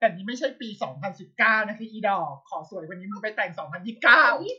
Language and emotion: Thai, frustrated